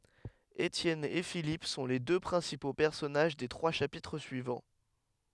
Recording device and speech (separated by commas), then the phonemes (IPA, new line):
headset microphone, read sentence
etjɛn e filip sɔ̃ le dø pʁɛ̃sipo pɛʁsɔnaʒ de tʁwa ʃapitʁ syivɑ̃